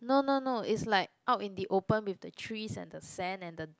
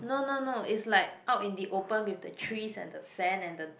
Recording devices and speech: close-talking microphone, boundary microphone, conversation in the same room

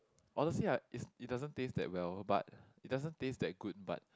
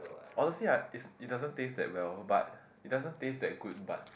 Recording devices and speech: close-talking microphone, boundary microphone, conversation in the same room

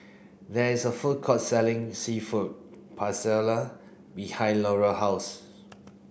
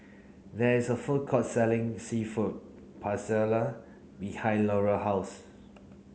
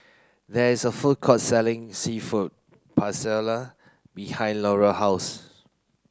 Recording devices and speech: boundary microphone (BM630), mobile phone (Samsung C9), close-talking microphone (WH30), read sentence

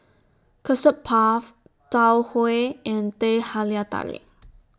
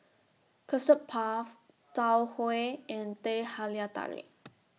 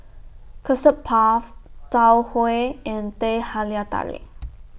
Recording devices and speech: standing microphone (AKG C214), mobile phone (iPhone 6), boundary microphone (BM630), read sentence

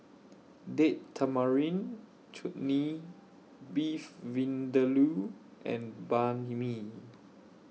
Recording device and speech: mobile phone (iPhone 6), read sentence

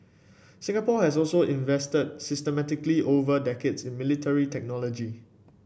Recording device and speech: boundary microphone (BM630), read sentence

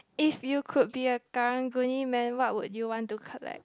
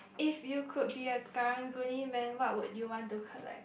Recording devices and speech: close-talking microphone, boundary microphone, conversation in the same room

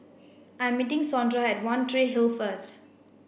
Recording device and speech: boundary microphone (BM630), read sentence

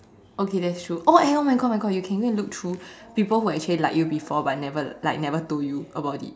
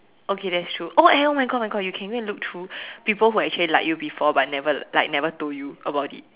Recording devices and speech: standing microphone, telephone, conversation in separate rooms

